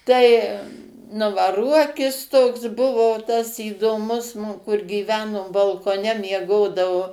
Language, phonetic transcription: Lithuanian, ˈtai ˈnu va ˈruokis toks ˈbuvo tas įdoˈmus ˈnu kur gyˈveno balkoˈne mieˈgodavu

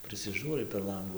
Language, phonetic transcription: Lithuanian, prisiˈžūrai per ˈlangų

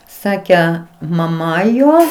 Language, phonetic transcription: Lithuanian, ˈsake maˈma ˈjo

